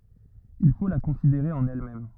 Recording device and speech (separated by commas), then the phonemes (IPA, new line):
rigid in-ear microphone, read sentence
il fo la kɔ̃sideʁe ɑ̃n ɛlmɛm